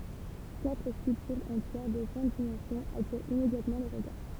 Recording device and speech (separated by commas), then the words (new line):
temple vibration pickup, read sentence
Quatre sculptures en pierre de grandes dimensions attirent immédiatement le regard.